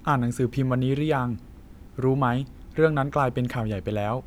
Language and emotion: Thai, neutral